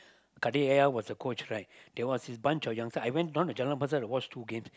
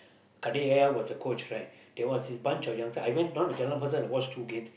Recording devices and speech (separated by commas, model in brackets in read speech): close-talking microphone, boundary microphone, conversation in the same room